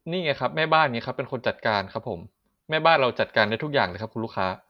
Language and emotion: Thai, neutral